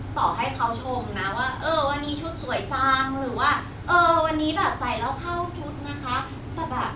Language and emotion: Thai, frustrated